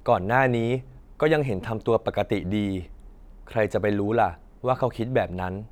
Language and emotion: Thai, frustrated